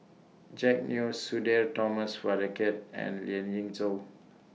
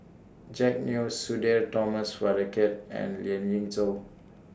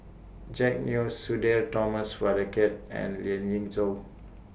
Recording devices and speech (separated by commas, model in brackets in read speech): mobile phone (iPhone 6), standing microphone (AKG C214), boundary microphone (BM630), read sentence